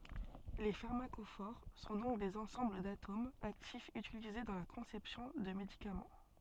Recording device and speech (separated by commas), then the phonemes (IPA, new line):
soft in-ear microphone, read sentence
le faʁmakofoʁ sɔ̃ dɔ̃k dez ɑ̃sɑ̃bl datomz aktifz ytilize dɑ̃ la kɔ̃sɛpsjɔ̃ də medikamɑ̃